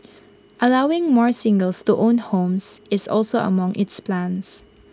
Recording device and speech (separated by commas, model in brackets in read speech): close-talking microphone (WH20), read sentence